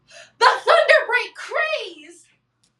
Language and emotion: English, happy